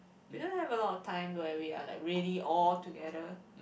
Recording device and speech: boundary microphone, conversation in the same room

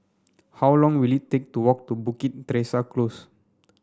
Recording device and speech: standing microphone (AKG C214), read sentence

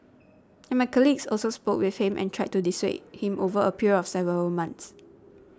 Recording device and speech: standing microphone (AKG C214), read sentence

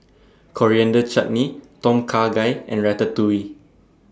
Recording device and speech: standing microphone (AKG C214), read sentence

